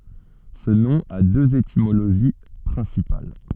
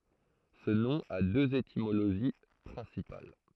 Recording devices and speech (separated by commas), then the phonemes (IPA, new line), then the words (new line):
soft in-ear microphone, throat microphone, read sentence
sə nɔ̃ a døz etimoloʒi pʁɛ̃sipal
Ce nom a deux étymologies principales.